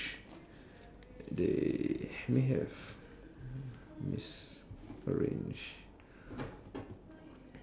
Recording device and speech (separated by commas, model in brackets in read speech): standing microphone, conversation in separate rooms